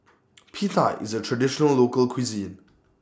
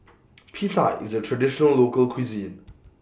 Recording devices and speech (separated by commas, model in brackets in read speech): standing microphone (AKG C214), boundary microphone (BM630), read sentence